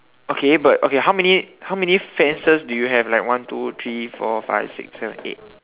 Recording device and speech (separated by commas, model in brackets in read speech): telephone, conversation in separate rooms